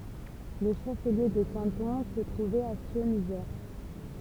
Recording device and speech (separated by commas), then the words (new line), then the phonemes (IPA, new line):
temple vibration pickup, read sentence
Le chef-lieu de canton se trouvait à Scionzier.
lə ʃəfliø də kɑ̃tɔ̃ sə tʁuvɛt a sjɔ̃zje